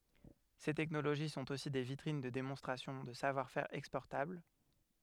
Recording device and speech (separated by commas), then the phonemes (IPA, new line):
headset microphone, read sentence
se tɛknoloʒi sɔ̃t osi de vitʁin də demɔ̃stʁasjɔ̃ də savwaʁ fɛʁ ɛkspɔʁtabl